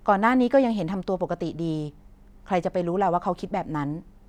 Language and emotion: Thai, neutral